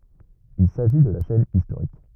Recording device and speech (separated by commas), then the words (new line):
rigid in-ear microphone, read sentence
Il s'agit de la chaîne historique.